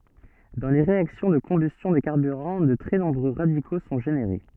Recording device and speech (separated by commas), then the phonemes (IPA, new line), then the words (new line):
soft in-ear microphone, read sentence
dɑ̃ le ʁeaksjɔ̃ də kɔ̃bystjɔ̃ de kaʁbyʁɑ̃ də tʁɛ nɔ̃bʁø ʁadiko sɔ̃ ʒeneʁe
Dans les réactions de combustion des carburants, de très nombreux radicaux sont générés.